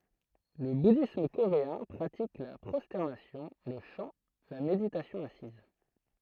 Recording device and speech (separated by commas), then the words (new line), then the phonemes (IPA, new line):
throat microphone, read sentence
Le bouddhisme coréen pratique la prosternation, le chant, la méditation assise.
lə budism koʁeɛ̃ pʁatik la pʁɔstɛʁnasjɔ̃ lə ʃɑ̃ la meditasjɔ̃ asiz